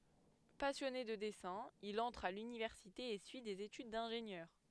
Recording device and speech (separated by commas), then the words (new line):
headset microphone, read sentence
Passionné de dessin, il entre à l’université et suit des études d’ingénieur.